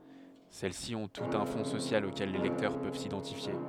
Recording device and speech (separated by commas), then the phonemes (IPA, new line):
headset microphone, read sentence
sɛlɛsi ɔ̃ tutz œ̃ fɔ̃ sosjal okɛl le lɛktœʁ pøv sidɑ̃tifje